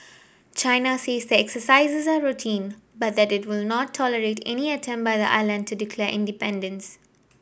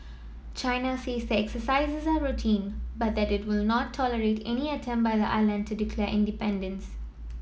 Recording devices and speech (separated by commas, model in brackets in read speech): boundary microphone (BM630), mobile phone (iPhone 7), read sentence